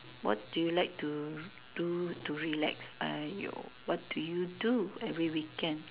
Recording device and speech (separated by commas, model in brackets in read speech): telephone, conversation in separate rooms